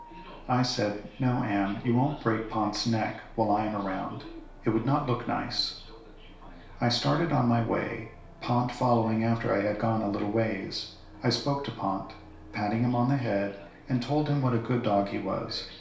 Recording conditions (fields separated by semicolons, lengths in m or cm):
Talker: one person; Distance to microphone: 1.0 m; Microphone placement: close; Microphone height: 1.1 m; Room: small (3.7 m by 2.7 m); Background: television